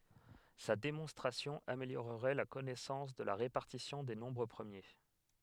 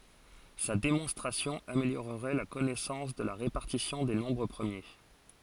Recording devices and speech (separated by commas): headset microphone, forehead accelerometer, read sentence